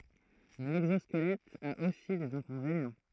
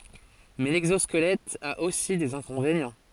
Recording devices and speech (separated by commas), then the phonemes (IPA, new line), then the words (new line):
throat microphone, forehead accelerometer, read sentence
mɛ lɛɡzɔskəlɛt a osi dez ɛ̃kɔ̃venjɑ̃
Mais l'exosquelette a aussi des inconvénients.